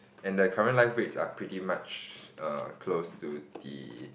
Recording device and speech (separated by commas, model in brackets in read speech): boundary microphone, conversation in the same room